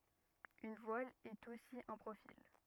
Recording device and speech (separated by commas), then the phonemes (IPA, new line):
rigid in-ear microphone, read sentence
yn vwal ɛt osi œ̃ pʁofil